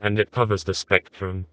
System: TTS, vocoder